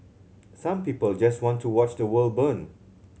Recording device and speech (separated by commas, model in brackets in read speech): mobile phone (Samsung C7100), read sentence